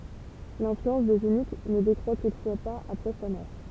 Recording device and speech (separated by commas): temple vibration pickup, read sentence